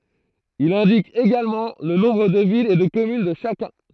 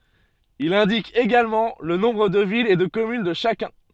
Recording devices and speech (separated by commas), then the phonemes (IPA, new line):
throat microphone, soft in-ear microphone, read sentence
il ɛ̃dik eɡalmɑ̃ lə nɔ̃bʁ də vilz e də kɔmyn də ʃakœ̃